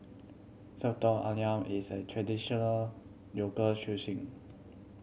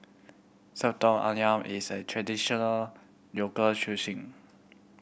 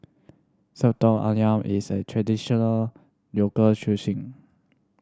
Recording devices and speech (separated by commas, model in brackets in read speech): mobile phone (Samsung C7100), boundary microphone (BM630), standing microphone (AKG C214), read sentence